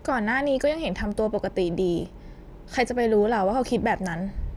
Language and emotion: Thai, neutral